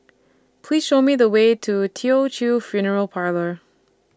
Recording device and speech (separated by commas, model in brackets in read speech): standing microphone (AKG C214), read sentence